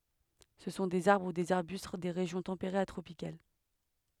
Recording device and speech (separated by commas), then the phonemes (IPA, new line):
headset microphone, read sentence
sə sɔ̃ dez aʁbʁ u dez aʁbyst de ʁeʒjɔ̃ tɑ̃peʁez a tʁopikal